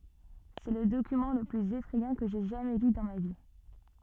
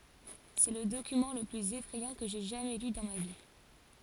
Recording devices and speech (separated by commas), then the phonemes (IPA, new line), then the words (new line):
soft in-ear microphone, forehead accelerometer, read sentence
sɛ lə dokymɑ̃ lə plyz efʁɛjɑ̃ kə ʒɛ ʒamɛ ly dɑ̃ ma vi
C'est le document le plus effrayant que j'aie jamais lu dans ma vie.